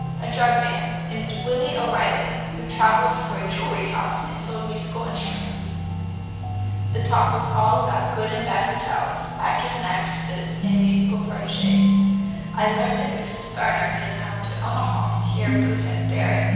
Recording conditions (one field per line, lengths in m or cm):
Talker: one person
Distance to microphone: 7.1 m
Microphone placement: far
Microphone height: 1.7 m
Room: very reverberant, large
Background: music